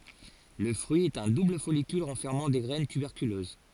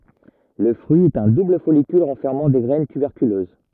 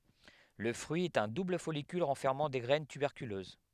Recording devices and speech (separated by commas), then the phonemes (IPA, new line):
forehead accelerometer, rigid in-ear microphone, headset microphone, read sentence
lə fʁyi ɛt œ̃ dubl fɔlikyl ʁɑ̃fɛʁmɑ̃ de ɡʁɛn tybɛʁkyløz